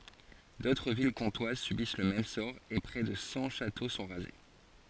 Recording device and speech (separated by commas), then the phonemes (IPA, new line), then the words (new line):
forehead accelerometer, read sentence
dotʁ vil kɔ̃twaz sybis lə mɛm sɔʁ e pʁɛ də sɑ̃ ʃato sɔ̃ ʁaze
D'autres villes comtoises subissent le même sort et près de cent châteaux sont rasés.